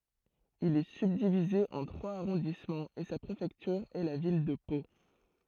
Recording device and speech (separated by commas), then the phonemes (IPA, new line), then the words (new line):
throat microphone, read sentence
il ɛ sybdivize ɑ̃ tʁwaz aʁɔ̃dismɑ̃z e sa pʁefɛktyʁ ɛ la vil də po
Il est subdivisé en trois arrondissements et sa préfecture est la ville de Pau.